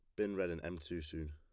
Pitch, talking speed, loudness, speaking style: 85 Hz, 320 wpm, -41 LUFS, plain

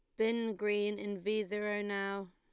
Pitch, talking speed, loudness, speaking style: 210 Hz, 170 wpm, -35 LUFS, Lombard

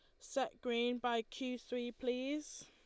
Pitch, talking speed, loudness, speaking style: 245 Hz, 145 wpm, -40 LUFS, Lombard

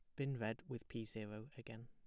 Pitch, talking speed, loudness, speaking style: 115 Hz, 215 wpm, -47 LUFS, plain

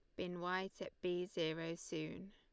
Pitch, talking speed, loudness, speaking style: 180 Hz, 170 wpm, -43 LUFS, Lombard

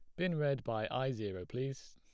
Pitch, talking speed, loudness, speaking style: 130 Hz, 210 wpm, -37 LUFS, plain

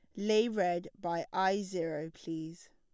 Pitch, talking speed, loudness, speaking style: 175 Hz, 140 wpm, -34 LUFS, plain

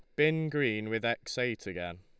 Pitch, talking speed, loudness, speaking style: 115 Hz, 200 wpm, -32 LUFS, Lombard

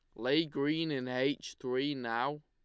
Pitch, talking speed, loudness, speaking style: 140 Hz, 160 wpm, -34 LUFS, Lombard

